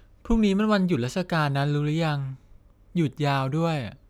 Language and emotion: Thai, neutral